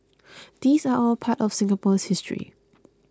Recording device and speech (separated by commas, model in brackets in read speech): close-talking microphone (WH20), read sentence